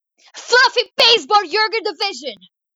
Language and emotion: English, disgusted